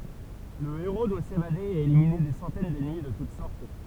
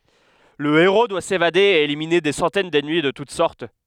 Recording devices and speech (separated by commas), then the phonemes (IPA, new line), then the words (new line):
temple vibration pickup, headset microphone, read sentence
lə eʁo dwa sevade e elimine de sɑ̃tɛn dɛnmi də tut sɔʁt
Le héros doit s'évader et éliminer des centaines d'ennemis de toute sorte.